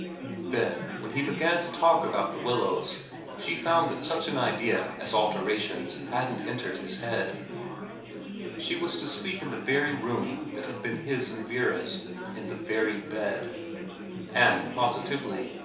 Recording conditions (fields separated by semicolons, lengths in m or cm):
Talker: one person; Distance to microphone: 3.0 m; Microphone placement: far; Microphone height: 1.8 m; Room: small (3.7 m by 2.7 m); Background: babble